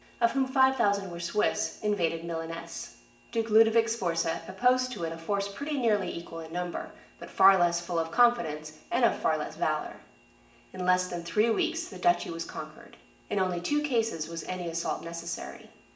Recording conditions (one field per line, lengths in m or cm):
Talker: one person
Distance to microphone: 1.8 m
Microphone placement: close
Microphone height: 1.0 m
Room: large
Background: none